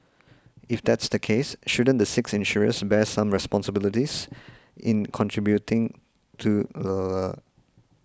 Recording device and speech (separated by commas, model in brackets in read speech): close-talking microphone (WH20), read sentence